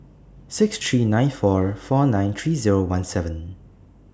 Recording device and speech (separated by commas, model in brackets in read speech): standing microphone (AKG C214), read sentence